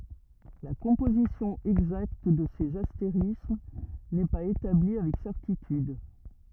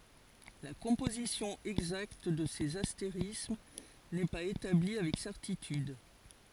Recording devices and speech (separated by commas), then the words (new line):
rigid in-ear microphone, forehead accelerometer, read sentence
La composition exacte de ces astérismes n'est pas établie avec certitude.